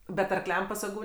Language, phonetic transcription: Lithuanian, bet arˈkliam pasaˈgų

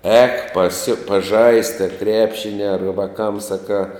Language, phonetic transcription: Lithuanian, ēk pasi paˈžaist a ˈkrepšini ar ˈvakam saˈkā

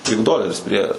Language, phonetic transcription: Lithuanian, tik ˈdoleris prie

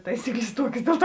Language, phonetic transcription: Lithuanian, ˈtaisykˌlės ˈtuokės ˈdėl ˌtuo

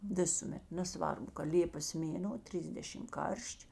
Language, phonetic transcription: Lithuanian, ˈvisuˌmet neˈsvarbu ka ˈlėpas ˈmėno ˈtriysdešim ˈkarš'č'

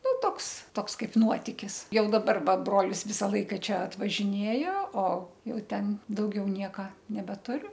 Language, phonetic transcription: Lithuanian, ˈnu ˈtoks ˈtoks ˈkaip ˈnuotikis ˈjau daˈbar ˈva ˈbrolis ˈvisa ˈlaika ˈčia atvažiˈnėjo o ˈjau ˈten dauˈgiau ˈnieka nebeˈturiu

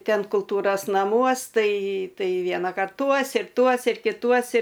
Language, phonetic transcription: Lithuanian, ˈten kulˈtūros naˈmuos ˈtai ˈtai ˈvienakart ˈtuos ir ˈtuos ir kiˈtuos i

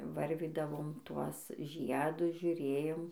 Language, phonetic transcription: Lithuanian, ˈvarvydavom ˈtuos ˈžiedus žiuˈrėjom

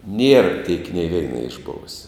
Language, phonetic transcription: Lithuanian, nier tiek nė ˈveina išˈbovusia

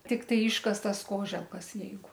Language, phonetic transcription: Lithuanian, tikˈtai ˈiškastas ˈkoželkas ˈjeigu

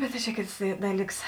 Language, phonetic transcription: Lithuanian, ˈbet ta čia ˈkėts ˈdaˌlyks

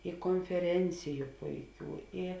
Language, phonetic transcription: Lithuanian, i konfeˈrenciju ˈpuiˌkių i

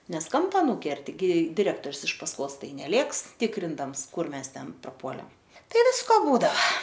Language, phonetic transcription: Lithuanian, ˈnes ˈkampa ˈnūkerti ˈgi diˈrektor's iš pasˈkos ˈtai neˈlėks ˈtikrindams ˈkur ˈmes ˈten praˈpuole ˈtai ˈvisko ˈbūdava

